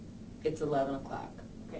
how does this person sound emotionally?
neutral